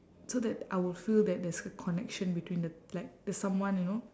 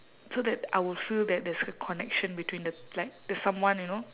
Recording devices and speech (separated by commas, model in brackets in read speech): standing microphone, telephone, conversation in separate rooms